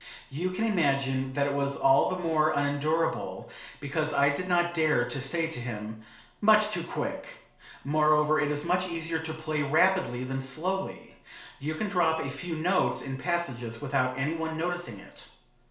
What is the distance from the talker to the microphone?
1.0 m.